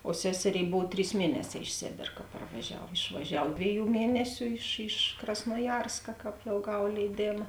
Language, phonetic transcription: Lithuanian, o ˈseseˌrėi ˈbov ˈtrys ˈmieneˌsē iš ˈsėbėr ka parvaˈžiav išvaˈžiav ˈdvėˌjų ˈmienesiu iš iš krasnuoˈjarska ˈkāp jau ˈgav leiˈdėma

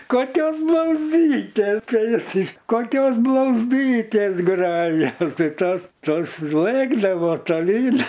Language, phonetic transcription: Lithuanian, ˈkokios blauzˈdytės ˈčia jiˈsai ˈkokios blauzˈdytės ˈgražios ˈtai ˈtos ˈtos ˈlɘkdavo toˈlyn

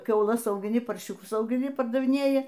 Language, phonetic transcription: Lithuanian, kiauˈlas augiˈni parˈšiūkus augiˈni pardaviˈnėji

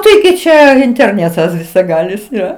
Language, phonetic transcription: Lithuanian, taiˈgi ˈčia interˈnetas visaˈgalis ˈjo

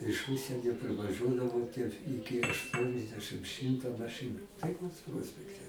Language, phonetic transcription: Lithuanian, iš ˈužsienio privaˈžuodavo tie ˈiki ašˈtuoniasdešɨm ˈšimta maˈšɨnu taiˈkos ˈpruospekte

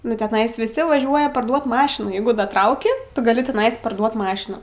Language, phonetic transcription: Lithuanian, nu teˈnais viˈsi vaˈžiuoja parˈduot ˈmašinų ˈjeigu daˈtrauki ˈtu gaˈli teˈnais parˈduot ˈmašinų

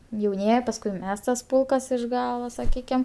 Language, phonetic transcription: Lithuanian, jauˈnieji pasˈkui ˈmes tas ˈpulkas iš ˈgalo saˈkykim

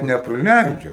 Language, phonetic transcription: Lithuanian, nepriˈleidžia

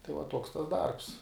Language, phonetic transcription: Lithuanian, tai va ˈtuoks tas ˈdarbs

